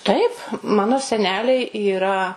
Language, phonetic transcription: Lithuanian, ˈtaip ˈmano seˈneliai yˈra

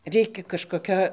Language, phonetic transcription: Lithuanian, ˈreikia kažkoˈkio

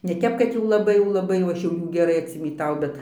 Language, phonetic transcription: Lithuanian, ne ˈtep kad jau laˈbai jau laˈbai jau ˈaš ˈjų geˈrai atsimyˈtau bet

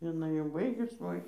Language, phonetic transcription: Lithuanian, jiˈnai jau ˈbaigus ˈvoi

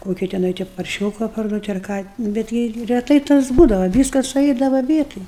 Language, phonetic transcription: Lithuanian, ˈkoki teˈnai te parˈšioka parˈduot' ar ˈką bet ˈgi reˈtai tas ˈbūdava ˈvyskas suˈeidava ˈvietoj

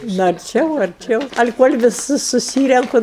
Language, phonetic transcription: Lithuanian, nu arˈčiau arˈčiau ali kol' viˈsus suˈsyrenku

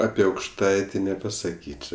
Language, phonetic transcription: Lithuanian, ˈapi aukšˈtaiti nepasaˈkyčio

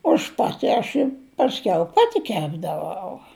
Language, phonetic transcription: Lithuanian, aš ˈpati aš ˈi pasˈkiau ˈpati ˈkepdavau

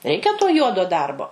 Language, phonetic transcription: Lithuanian, ˈreikia to ˈjuodo ˈdarbo

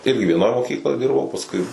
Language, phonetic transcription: Lithuanian, ˈirgi vieˈnoj moˈkykloj ˈdirbau pasˈkui

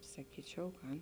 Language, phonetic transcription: Lithuanian, saˈkyčiau ˈgan

